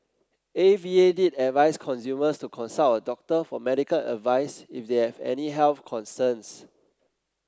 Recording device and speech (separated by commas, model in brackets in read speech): close-talking microphone (WH30), read sentence